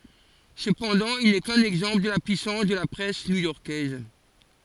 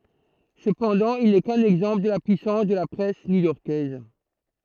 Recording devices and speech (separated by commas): forehead accelerometer, throat microphone, read sentence